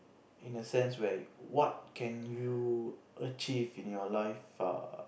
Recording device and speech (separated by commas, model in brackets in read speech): boundary microphone, conversation in the same room